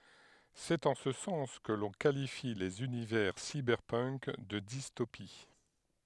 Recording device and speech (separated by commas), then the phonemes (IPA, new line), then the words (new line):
headset microphone, read sentence
sɛt ɑ̃ sə sɑ̃s kə lɔ̃ kalifi lez ynivɛʁ sibɛʁpənk də distopi
C'est en ce sens que l'on qualifie les univers cyberpunk de dystopies.